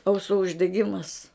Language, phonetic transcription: Lithuanian, auˈsų uždeˈgimas

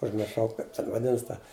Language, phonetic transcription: Lithuanian, užmirˈšau ˈkaip ten vaˈdinas ta

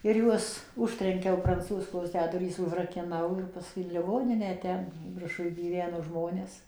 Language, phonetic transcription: Lithuanian, ir ˈjuos ˈužtrenkiau pranˈcūzkos tę ˈdurys užrakiˈnau jau paˈskui in liˈgoninę ˈten virˈšuj gyˈveno ˈžmonės

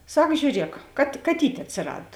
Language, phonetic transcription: Lithuanian, ˈsak žiūˈriek kat kaˈtyt' atsiˈrad

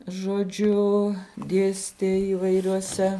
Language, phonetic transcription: Lithuanian, žoˈdžiu ˈdėstė įvairioˈse

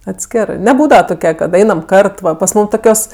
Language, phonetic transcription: Lithuanian, atˈskerɜ neˈbūdava toˈkia kad ˈainam ˈkart pas ˈmūm ˈtokios

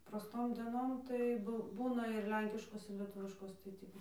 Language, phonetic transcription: Lithuanian, praˈstom deˈnom tai ˈbu ˈbūna ir ˈlenkiškos ir leˈtuviškos tai ˈtį

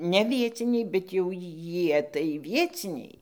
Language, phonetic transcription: Lithuanian, ne ˈvieciniai bet jau ˈjie tai ˈvieciniai

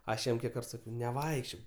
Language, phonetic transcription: Lithuanian, ˈaš ˈjam ˈkiek ˈkart ˈsakiau neˈvaikščiok

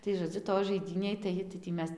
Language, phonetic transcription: Lithuanian, tai žoˈdziu toj žaiˈdynėj tai tai tį ˈmes

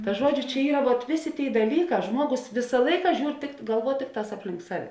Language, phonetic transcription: Lithuanian, ta ˈžuodžiu čia ˈyra vuot ˈvėˌsė ˈtėi daˈlyˌkā ˈžmuogos ˈvisa ˈlaika ˈžiūr tikt galˈvuo ˈtikˌtās ˈaplink ˈsaˌve

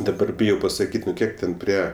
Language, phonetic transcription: Lithuanian, daˈbar ˈbijau pasaˈkyt' nu ˈkiek ten ˈprie

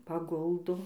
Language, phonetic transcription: Lithuanian, paˈguldo

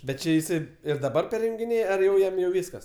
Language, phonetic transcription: Lithuanian, ˈbet ˈči jiˈsai ir daˈbar perjungiˈnėj ar jau ˈjam jau ˈvyskas

